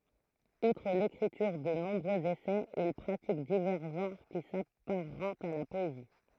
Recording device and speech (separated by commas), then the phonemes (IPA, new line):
throat microphone, read sentence
utʁ lekʁityʁ də nɔ̃bʁøz esɛz il pʁatik divɛʁ ʒɑ̃ʁ ki sapaʁɑ̃tt a la pɔezi